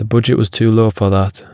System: none